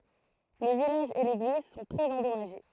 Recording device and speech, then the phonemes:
throat microphone, read sentence
lə vilaʒ e leɡliz sɔ̃ tʁɛz ɑ̃dɔmaʒe

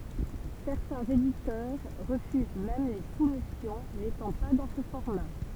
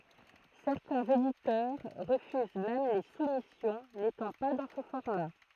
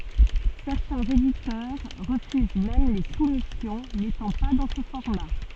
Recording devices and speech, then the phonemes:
temple vibration pickup, throat microphone, soft in-ear microphone, read sentence
sɛʁtɛ̃z editœʁ ʁəfyz mɛm le sumisjɔ̃ netɑ̃ pa dɑ̃ sə fɔʁma

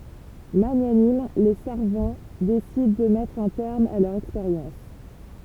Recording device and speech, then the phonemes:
temple vibration pickup, read sentence
maɲanim le saʁvɑ̃ desidɑ̃ də mɛtʁ œ̃ tɛʁm a lœʁz ɛkspeʁjɑ̃s

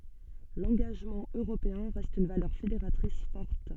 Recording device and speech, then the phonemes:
soft in-ear microphone, read sentence
lɑ̃ɡaʒmɑ̃ øʁopeɛ̃ ʁɛst yn valœʁ fedeʁatʁis fɔʁt

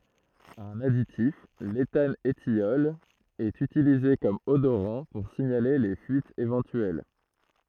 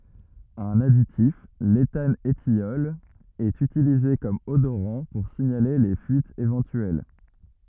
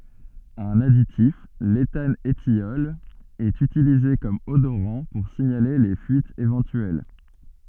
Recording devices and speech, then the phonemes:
throat microphone, rigid in-ear microphone, soft in-ear microphone, read sentence
œ̃n aditif letanətjɔl ɛt ytilize kɔm odoʁɑ̃ puʁ siɲale le fyitz evɑ̃tyɛl

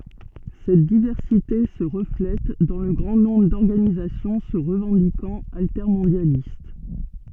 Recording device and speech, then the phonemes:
soft in-ear microphone, read sentence
sɛt divɛʁsite sə ʁəflɛt dɑ̃ lə ɡʁɑ̃ nɔ̃bʁ dɔʁɡanizasjɔ̃ sə ʁəvɑ̃dikɑ̃t altɛʁmɔ̃djalist

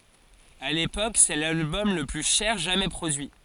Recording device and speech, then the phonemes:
forehead accelerometer, read sentence
a lepok sɛ lalbɔm lə ply ʃɛʁ ʒamɛ pʁodyi

